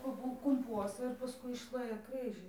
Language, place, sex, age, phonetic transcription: Lithuanian, Dzūkija, female, 18-60, kur ˈbuo kumˈpuosa ir paˈskui išˈlėja ˈkrɨžɨ

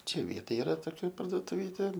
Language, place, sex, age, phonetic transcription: Lithuanian, Aukštaitija, male, 18-60, ˈčia ˈvietoj iˈra toˈkia parduotuˈvytė

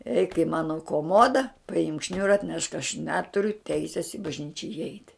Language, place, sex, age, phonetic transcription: Lithuanian, Žemaitija, female, 60+, eik i ˈmano koˈmoda paˈimk ˈšniura atˈnešk aš ˈneturiu ˈteisės i bažˈnyčia iˈeit'

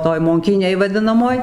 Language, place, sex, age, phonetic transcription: Lithuanian, Dzūkija, female, 60+, ˈtoj monˈkynėj vaˈdinamoj

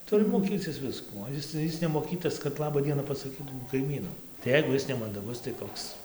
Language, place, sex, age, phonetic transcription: Lithuanian, Dzūkija, male, 18-60, ˈturi moˈkycis ˈviskų ˈo is ˈis nemoˈkytas kad ˈlaba ˈdiena pasaˈkytų kaiˈmynu tai ˈjeigu ˈjis nemandaˈgus tai ˈkoks

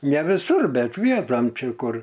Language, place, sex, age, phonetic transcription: Lithuanian, Aukštaitija, male, 60+, ne viˈsur ˈbet ˈvietom ˈčia ˈkur

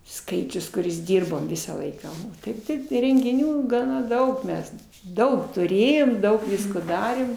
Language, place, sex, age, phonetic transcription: Lithuanian, Aukštaitija, female, 60+, ˈskaičius kuˈris ˈdyrbom ˈvisą ˈlaiką o ˈtaip tai rengiˈnių gaˈna ˈdaug ˈmes ˈdaug tuˈrėjom ˈdaug ˈvisko ˈdarėm

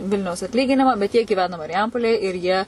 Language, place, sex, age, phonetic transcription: Lithuanian, Suvalkija, female, 18-60, ˈvilniaus atˈlyginima bet jie gyˈvena mariˈjampolėj ir ˈjie

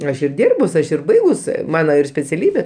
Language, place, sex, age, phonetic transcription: Lithuanian, Aukštaitija, male, 60+, ˈaš ir ˈdyrbus ˈaš ir ˈbaigus ˈmano ir speciaˈlybė

